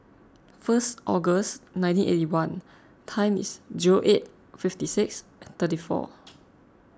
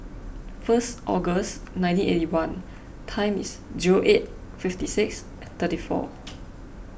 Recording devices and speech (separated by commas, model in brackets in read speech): close-talking microphone (WH20), boundary microphone (BM630), read sentence